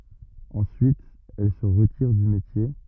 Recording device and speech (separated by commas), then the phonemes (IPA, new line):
rigid in-ear microphone, read sentence
ɑ̃syit ɛl sə ʁətiʁ dy metje